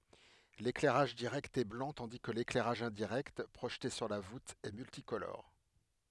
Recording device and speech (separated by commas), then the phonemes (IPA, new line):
headset microphone, read sentence
leklɛʁaʒ diʁɛkt ɛ blɑ̃ tɑ̃di kə leklɛʁaʒ ɛ̃diʁɛkt pʁoʒte syʁ la vut ɛ myltikolɔʁ